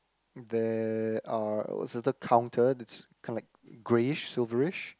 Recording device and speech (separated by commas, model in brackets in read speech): close-talking microphone, conversation in the same room